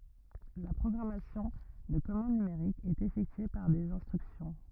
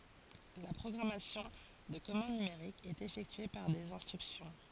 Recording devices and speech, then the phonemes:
rigid in-ear microphone, forehead accelerometer, read sentence
la pʁɔɡʁamasjɔ̃ də kɔmɑ̃d nymeʁik ɛt efɛktye paʁ dez ɛ̃stʁyksjɔ̃

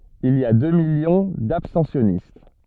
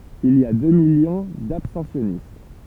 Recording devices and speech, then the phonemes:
soft in-ear microphone, temple vibration pickup, read sentence
il i a dø miljɔ̃ dabstɑ̃sjɔnist

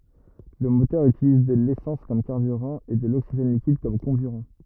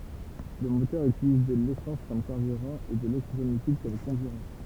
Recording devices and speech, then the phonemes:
rigid in-ear microphone, temple vibration pickup, read sentence
lə motœʁ ytiliz də lesɑ̃s kɔm kaʁbyʁɑ̃ e də loksiʒɛn likid kɔm kɔ̃byʁɑ̃

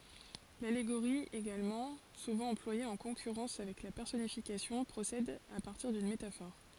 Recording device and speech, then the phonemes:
forehead accelerometer, read sentence
laleɡoʁi eɡalmɑ̃ suvɑ̃ ɑ̃plwaje ɑ̃ kɔ̃kyʁɑ̃s avɛk la pɛʁsɔnifikasjɔ̃ pʁosɛd a paʁtiʁ dyn metafɔʁ

